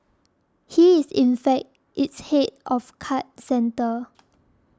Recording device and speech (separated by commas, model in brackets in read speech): standing microphone (AKG C214), read sentence